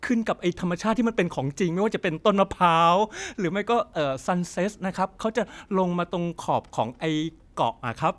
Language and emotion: Thai, happy